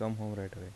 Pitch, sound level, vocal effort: 105 Hz, 78 dB SPL, soft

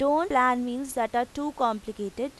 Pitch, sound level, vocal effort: 250 Hz, 90 dB SPL, loud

